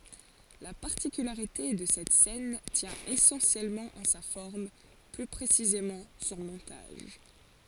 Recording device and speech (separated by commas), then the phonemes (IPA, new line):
forehead accelerometer, read sentence
la paʁtikylaʁite də sɛt sɛn tjɛ̃ esɑ̃sjɛlmɑ̃ ɑ̃ sa fɔʁm ply pʁesizemɑ̃ sɔ̃ mɔ̃taʒ